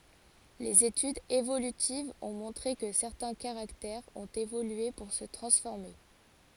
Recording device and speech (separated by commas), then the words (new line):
forehead accelerometer, read sentence
Les études évolutives ont montré que certains caractères ont évolué pour se transformer.